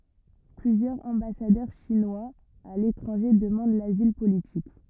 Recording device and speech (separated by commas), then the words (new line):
rigid in-ear microphone, read sentence
Plusieurs ambassadeurs chinois à l'étranger demandent l'asile politique.